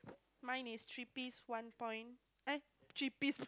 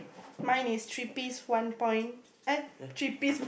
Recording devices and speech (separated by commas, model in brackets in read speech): close-talking microphone, boundary microphone, conversation in the same room